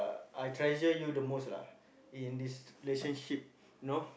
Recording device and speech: boundary microphone, conversation in the same room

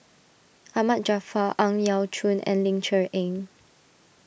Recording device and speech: boundary microphone (BM630), read sentence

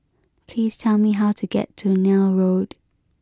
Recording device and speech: close-talking microphone (WH20), read sentence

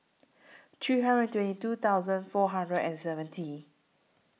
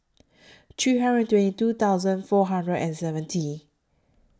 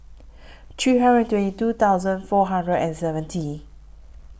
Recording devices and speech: mobile phone (iPhone 6), standing microphone (AKG C214), boundary microphone (BM630), read sentence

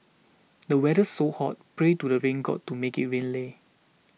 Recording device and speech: mobile phone (iPhone 6), read sentence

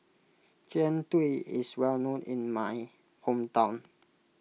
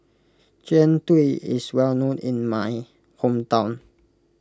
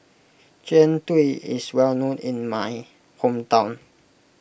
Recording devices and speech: mobile phone (iPhone 6), close-talking microphone (WH20), boundary microphone (BM630), read sentence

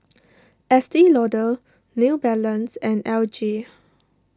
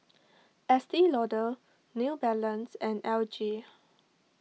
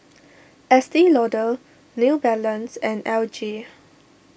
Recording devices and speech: standing microphone (AKG C214), mobile phone (iPhone 6), boundary microphone (BM630), read sentence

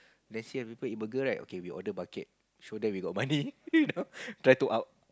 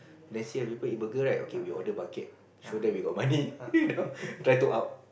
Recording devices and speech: close-talking microphone, boundary microphone, conversation in the same room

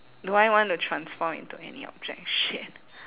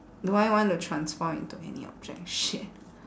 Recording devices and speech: telephone, standing microphone, conversation in separate rooms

